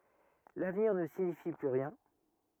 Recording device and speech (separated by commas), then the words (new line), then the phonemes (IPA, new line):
rigid in-ear microphone, read sentence
L’avenir ne signifie plus rien.
lavniʁ nə siɲifi ply ʁjɛ̃